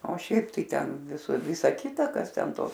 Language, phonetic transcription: Lithuanian, o ˈšiaip tai ˈten su ˈvisa ˈkita ˈkas ˈten ˈtos

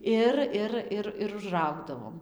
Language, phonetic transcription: Lithuanian, ˈir ˈir ˈir ir užˈraugdavom

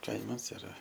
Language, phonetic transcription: Lithuanian, ˈkaimas iˈra

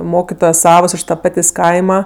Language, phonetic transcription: Lithuanian, ˈmokitojos ˈsavos ˈiš ta ˈpatės' ˈkaima

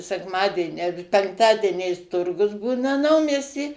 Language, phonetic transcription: Lithuanian, sekˈmadieni a penkˈtadieniais ˈturgus ˈbūna ˈnaumiesty

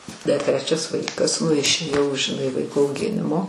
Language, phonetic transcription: Lithuanian, dar ˈtrečias ˈvaikas nu išėˈjau žiˈnai ˈvaiko auˈginimo

